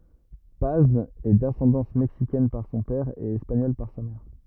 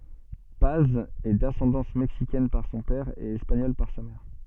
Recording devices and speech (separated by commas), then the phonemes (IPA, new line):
rigid in-ear microphone, soft in-ear microphone, read sentence
paz ɛ dasɑ̃dɑ̃s mɛksikɛn paʁ sɔ̃ pɛʁ e ɛspaɲɔl paʁ sa mɛʁ